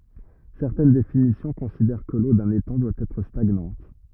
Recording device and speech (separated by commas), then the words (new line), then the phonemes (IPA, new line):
rigid in-ear microphone, read sentence
Certaines définitions considèrent que l'eau d'un étang doit être stagnante.
sɛʁtɛn definisjɔ̃ kɔ̃sidɛʁ kə lo dœ̃n etɑ̃ dwa ɛtʁ staɡnɑ̃t